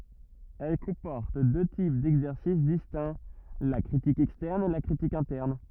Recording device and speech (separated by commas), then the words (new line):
rigid in-ear microphone, read sentence
Elle comporte deux types d'exercices distincts, la critique externe et la critique interne.